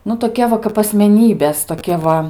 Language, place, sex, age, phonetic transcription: Lithuanian, Aukštaitija, female, 18-60, nu toˈkia va kap asmeˈnybės toˈkia va

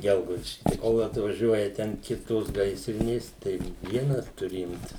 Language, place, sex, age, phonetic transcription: Lithuanian, Suvalkija, male, 60+, ˈgelgaudiški tai ˈkol atvaˈžiuoja ten ˈkitos ˈgaisrinės ˈtai ˈvienas tuˈri ˈimtis

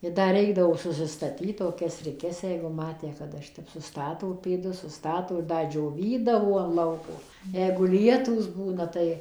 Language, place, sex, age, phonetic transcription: Lithuanian, Suvalkija, female, 60+, i ˈda ˈreikdavo susistaˈtyt toˈkias riˈkes ˈjeigu ˈmatę kaˈda ˈšitep suˈstato pėˈdus suˈstato i ˈda džioˈvydavo an ˈlauko ˈjeigu ˈlietūs ˈbūna ˈtai

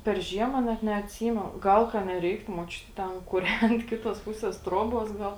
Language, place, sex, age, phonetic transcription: Lithuanian, Žemaitija, female, 18-60, per ˈžiema net neatˈsymenu ˈgal ka neˈreiktu muoˈčiuti ˈten kuˈrent ˈkitos ˈpusės ˈtroˌbos ˈgal

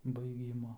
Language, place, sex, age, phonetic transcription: Lithuanian, Aukštaitija, male, 18-60, baiˈgymo

